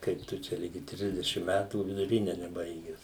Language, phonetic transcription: Lithuanian, ˈkaip tu ˈčia ˈligi ˈtrisdešim ˈmætų viduˈrine neˈbaiges

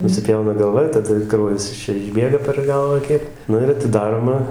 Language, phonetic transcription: Lithuanian, nusiˈpjauna galˈva ir taˈda ˈkraujas iš ˈčia išˈbėga per ˈgalvą ˈkiek ˈnu ir atiˈdaroma

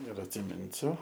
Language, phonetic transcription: Lithuanian, ir atsiˈminsiu

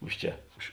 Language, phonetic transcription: Lithuanian, ˈuž ˌčia už

